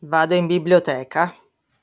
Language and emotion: Italian, neutral